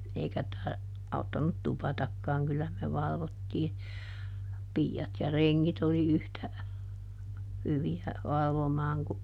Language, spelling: Finnish, eikä - auttanut tupatakaan kyllä me valvottiin piiat ja rengit oli yhtä hyviä valvomaan kuin
- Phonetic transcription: ˈeikä (taa) , ˈauttanut "tupatakkaaŋ ˈkyllä me ˈvalvottii , ˈpii₍at ja "reŋŋit ‿oli ˈyhtä , ˈhyvi₍ä , ˈvalvomaaŋ ku ,.

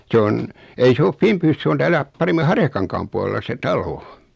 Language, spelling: Finnish, se on ei se ole Finbyssä se on täällä paremmin Harjakankaan puolella se talo
- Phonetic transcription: 'se on , 'ei se of "Fimpyys 'se on 'täälä , 'paremmi "Harjakaŋkaam pualella se 'talo .

